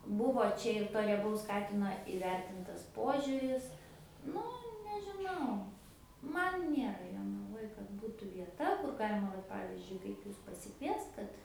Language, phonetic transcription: Lithuanian, ˈbuvo ˈčia ir to rieˈbaus ˈkatino iˈvertintas ˈpožiuris ˈnu nežiˈnau ˈman ˈnėra jonaˈvoj kad ˈbūtų vieˈta kur ˈgalima ˈvat ˈpavizdžiui kaip ˈjus pasiˈkviest ˈkad

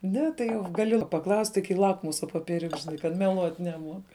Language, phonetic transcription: Lithuanian, ˈne tai jau gaˈli paˈklausti kai ˈlakmusa popieˈriuks žiˈnai kad meˈluot neˈmuok

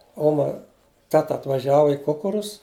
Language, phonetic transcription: Lithuanian, ˈoma ˈteta atvaˈžiava i ˈkukurus

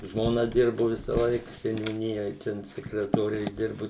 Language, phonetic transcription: Lithuanian, žmoˈna ˈdirbu ˈvisaˌlaik seniūˈnijoj ˈten sekretoˈre išˈdirbu

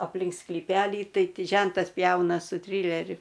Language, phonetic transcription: Lithuanian, apˈlink sklyˈpelį ˈtai ˈti ˈžentas ˈpjauna su ˈtryleriu

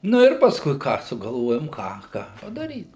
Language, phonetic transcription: Lithuanian, ˈnu ir pasˈkui ˈką sugalˈvojom ˈką ˈką padaˈryt

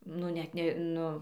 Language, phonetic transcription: Lithuanian, ˈnu ˈnet ne

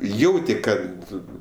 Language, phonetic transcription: Lithuanian, ˈjauti ˈkad

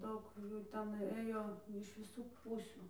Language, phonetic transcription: Lithuanian, ˈdaug ˈjų ˈten ˈɘjo iš viˈsų ˈpūsių

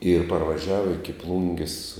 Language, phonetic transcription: Lithuanian, ir parvaˈžiava iki ˈplungis

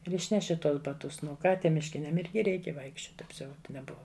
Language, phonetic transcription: Lithuanian, ir ˈišneši ˈtuos baˈtus nu ˈką ˈtiem mišˈkiniam ˈirgi ˈreikia vaikšˈčiot apˈsiaut neˈbuva

